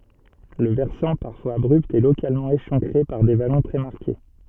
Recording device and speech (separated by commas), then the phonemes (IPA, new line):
soft in-ear microphone, read sentence
lə vɛʁsɑ̃ paʁfwaz abʁypt ɛ lokalmɑ̃ eʃɑ̃kʁe paʁ de valɔ̃ tʁɛ maʁke